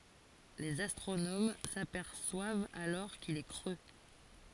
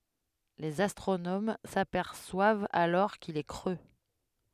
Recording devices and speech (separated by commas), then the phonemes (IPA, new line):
forehead accelerometer, headset microphone, read sentence
lez astʁonom sapɛʁswavt alɔʁ kil ɛ kʁø